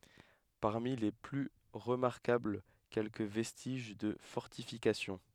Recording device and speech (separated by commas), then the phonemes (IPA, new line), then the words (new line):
headset microphone, read sentence
paʁmi le ply ʁəmaʁkabl kɛlkə vɛstiʒ də fɔʁtifikasjɔ̃
Parmi les plus remarquables, quelques vestiges de fortifications.